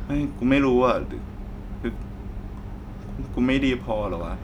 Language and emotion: Thai, sad